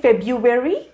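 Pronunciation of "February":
'February' is pronounced incorrectly here.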